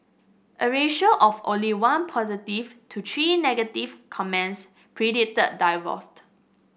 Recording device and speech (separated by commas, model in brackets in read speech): boundary microphone (BM630), read sentence